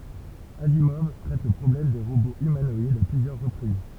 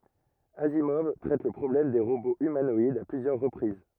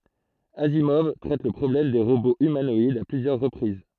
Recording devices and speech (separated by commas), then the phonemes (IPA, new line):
temple vibration pickup, rigid in-ear microphone, throat microphone, read sentence
azimɔv tʁɛt lə pʁɔblɛm de ʁoboz ymanɔidz a plyzjœʁ ʁəpʁiz